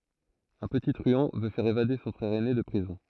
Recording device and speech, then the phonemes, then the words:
throat microphone, read sentence
œ̃ pəti tʁyɑ̃ vø fɛʁ evade sɔ̃ fʁɛʁ ɛne də pʁizɔ̃
Un petit truand veut faire évader son frère aîné de prison.

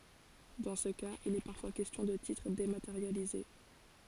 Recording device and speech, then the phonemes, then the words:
forehead accelerometer, read sentence
dɑ̃ sə kaz il ɛ paʁfwa kɛstjɔ̃ də titʁ demateʁjalize
Dans ce cas, il est parfois question de titres dématérialisés.

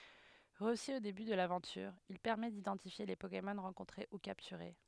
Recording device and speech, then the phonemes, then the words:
headset microphone, read sentence
ʁəsy o deby də lavɑ̃tyʁ il pɛʁmɛ didɑ̃tifje le pokemɔn ʁɑ̃kɔ̃tʁe u kaptyʁe
Reçu au début de l'aventure, il permet d'identifier les Pokémon rencontrés ou capturés.

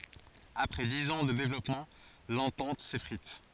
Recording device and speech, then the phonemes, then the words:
forehead accelerometer, read sentence
apʁɛ diz ɑ̃ də devlɔpmɑ̃ lɑ̃tɑ̃t sefʁit
Après dix ans de développement, l’entente s’effrite.

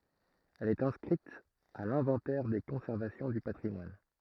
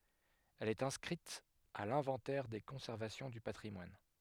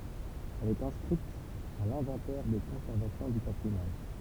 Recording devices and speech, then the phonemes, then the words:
throat microphone, headset microphone, temple vibration pickup, read sentence
ɛl ɛt ɛ̃skʁit a lɛ̃vɑ̃tɛʁ de kɔ̃sɛʁvasjɔ̃ dy patʁimwan
Elle est inscrite à l'inventaire des conservations du patrimoine.

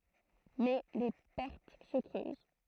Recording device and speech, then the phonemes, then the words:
throat microphone, read sentence
mɛ le pɛʁt sə kʁøz
Mais les pertes se creusent.

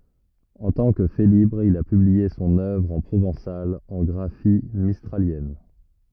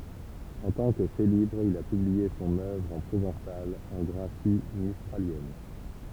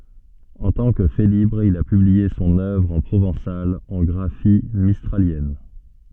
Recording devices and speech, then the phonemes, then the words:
rigid in-ear microphone, temple vibration pickup, soft in-ear microphone, read sentence
ɑ̃ tɑ̃ kə felibʁ il a pyblie sɔ̃n œvʁ ɑ̃ pʁovɑ̃sal ɑ̃ ɡʁafi mistʁaljɛn
En tant que Félibre, il a publié son œuvre en provençal en graphie mistralienne.

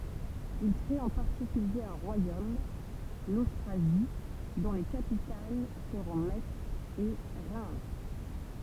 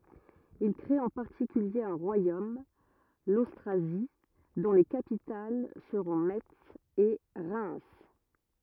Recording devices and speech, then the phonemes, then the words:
temple vibration pickup, rigid in-ear microphone, read sentence
il kʁet ɑ̃ paʁtikylje œ̃ ʁwajom lostʁazi dɔ̃ le kapital səʁɔ̃ mɛts e ʁɛm
Ils créent en particulier un royaume, l'Austrasie, dont les capitales seront Metz et Reims.

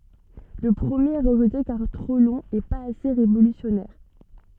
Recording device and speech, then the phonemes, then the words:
soft in-ear microphone, read sentence
lə pʁəmjeʁ ɛ ʁəʒte kaʁ tʁo lɔ̃ e paz ase ʁevolysjɔnɛʁ
Le premier est rejeté car trop long et pas assez révolutionnaire.

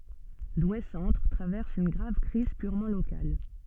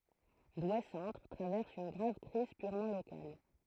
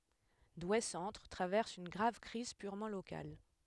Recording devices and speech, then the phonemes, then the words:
soft in-ear microphone, throat microphone, headset microphone, read sentence
dwe sɑ̃tʁ tʁavɛʁs yn ɡʁav kʁiz pyʁmɑ̃ lokal
Douai-centre traverse une grave crise purement locale.

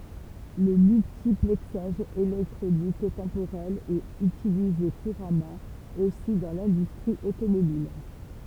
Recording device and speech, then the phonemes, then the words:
temple vibration pickup, read sentence
lə myltiplɛksaʒ elɛktʁonik tɑ̃poʁɛl ɛt ytilize kuʁamɑ̃ osi dɑ̃ lɛ̃dystʁi otomobil
Le multiplexage électronique temporel est utilisé couramment aussi dans l'industrie automobile.

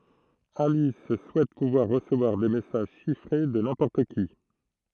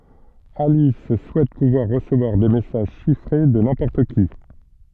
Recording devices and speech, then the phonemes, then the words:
throat microphone, soft in-ear microphone, read sentence
alis suɛt puvwaʁ ʁəsəvwaʁ de mɛsaʒ ʃifʁe də nɛ̃pɔʁt ki
Alice souhaite pouvoir recevoir des messages chiffrés de n'importe qui.

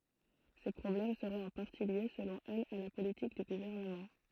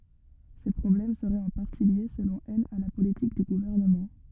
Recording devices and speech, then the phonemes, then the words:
throat microphone, rigid in-ear microphone, read sentence
se pʁɔblɛm səʁɛt ɑ̃ paʁti lje səlɔ̃ ɛl a la politik dy ɡuvɛʁnəmɑ̃
Ces problèmes seraient en partie liés, selon elle, à la politique du gouvernement.

